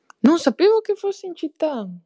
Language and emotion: Italian, surprised